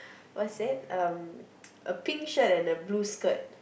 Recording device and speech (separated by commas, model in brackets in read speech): boundary microphone, conversation in the same room